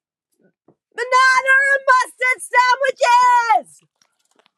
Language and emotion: English, disgusted